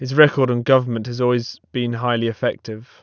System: none